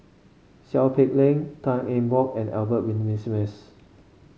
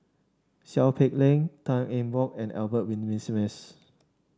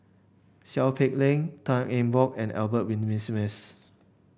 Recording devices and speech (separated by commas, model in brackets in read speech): mobile phone (Samsung C5), standing microphone (AKG C214), boundary microphone (BM630), read sentence